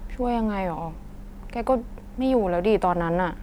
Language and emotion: Thai, frustrated